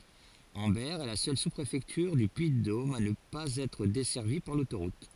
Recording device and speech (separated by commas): forehead accelerometer, read sentence